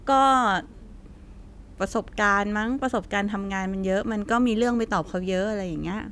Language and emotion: Thai, neutral